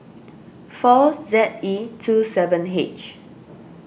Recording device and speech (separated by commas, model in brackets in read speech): boundary microphone (BM630), read sentence